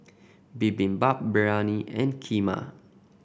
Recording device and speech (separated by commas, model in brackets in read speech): boundary microphone (BM630), read sentence